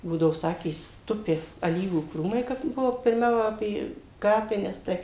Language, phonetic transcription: Lithuanian, ˈbūdao ˈsakė ˈtupi aˈlyvų ˈkrūmai ˈkap ˈbuvo pirˈmiau ˈapė ˈkapines ˈtai

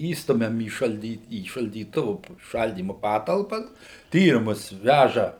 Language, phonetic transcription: Lithuanian, ˈįstumiam į šalˈdy į šaldyˈtuvu ˈšaldymu ˈpatalpas ˈtyrimus ˈvæža

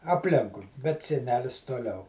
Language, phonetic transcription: Lithuanian, apˈlinkui bet seˈnelis toˈliau

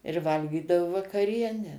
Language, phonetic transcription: Lithuanian, ir ˈvalgydavu vakaˈrienę

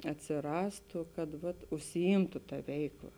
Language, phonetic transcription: Lithuanian, atsiˈrastu kad vat užsiˈymtu ta ˈveikˌla

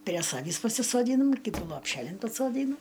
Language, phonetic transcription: Lithuanian, prie ˈsavįs pasisoˈdynam ˈkytų lopˈšelin pasoˈdynu

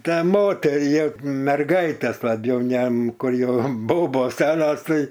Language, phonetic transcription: Lithuanian, ˈtą ˈmoterį jau merˈgaites laˈbjau ˈjam ˈkur ˈjau ˈbobos ˈsenos ˈtai

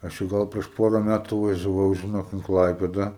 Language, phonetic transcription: Lithuanian, ˈaš čia ˈgal prieš ˈpora ˈmætu važiaˈvau žiˈnok in ˈklaipeda

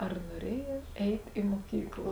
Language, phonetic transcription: Lithuanian, ar nuoˈrėjotˈeit i muoˈkyklo

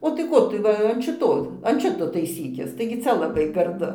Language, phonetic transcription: Lithuanian, o tai ˈko tu ˈva an šiˈto an ˈšito taiˈsykis taigi ˈcia laˈbai garˈdu

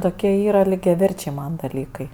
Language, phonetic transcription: Lithuanian, ˈtokie ˈyra lygiaˈverčiai ˈman daˈlykai

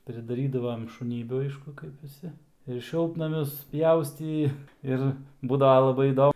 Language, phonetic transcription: Lithuanian, pridaˈrydavam i šuˈnybių ˈaišku kaip viˈsi ir ˈšiltnamius ˈpjaustį ˈir ˈbūdava laˈbai įˈdo

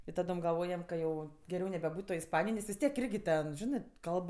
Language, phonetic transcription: Lithuanian, i ˈtadom galˈvojam ka ˈjau geˈriau nebeˈbūt' toj isˈpanijoj nes vis ˈtiek ˈirgi ten ˈžinɜ ˈkalb

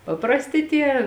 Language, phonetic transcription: Lithuanian, paprasˈti ˈtie

